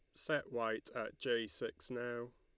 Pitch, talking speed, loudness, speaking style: 120 Hz, 165 wpm, -41 LUFS, Lombard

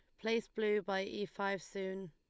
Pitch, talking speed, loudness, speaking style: 200 Hz, 190 wpm, -38 LUFS, Lombard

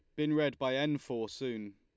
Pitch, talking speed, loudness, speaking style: 130 Hz, 230 wpm, -34 LUFS, Lombard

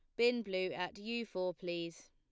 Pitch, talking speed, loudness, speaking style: 185 Hz, 190 wpm, -38 LUFS, plain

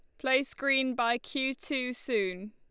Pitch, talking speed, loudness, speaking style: 260 Hz, 155 wpm, -30 LUFS, Lombard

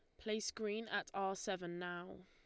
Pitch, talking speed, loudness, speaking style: 195 Hz, 175 wpm, -42 LUFS, Lombard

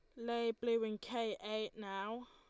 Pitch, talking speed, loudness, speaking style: 230 Hz, 170 wpm, -40 LUFS, Lombard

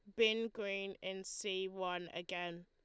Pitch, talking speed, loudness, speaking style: 190 Hz, 145 wpm, -40 LUFS, Lombard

